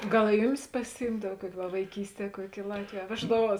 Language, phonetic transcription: Lithuanian, ˈgal i ˈjuˌmis pasiˈjymdav ˈkuoki va vaiˈkysˌtie ˈkuoki i ˈlatvėj a ˈveždaˌvuos

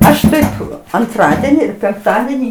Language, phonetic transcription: Lithuanian, ˈaš ˈtaip anˈtradeni ir penkˈtadenį

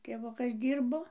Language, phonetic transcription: Lithuanian, tėˈvukas ˈdyrbo

